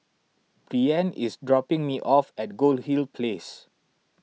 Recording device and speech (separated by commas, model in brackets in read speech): mobile phone (iPhone 6), read sentence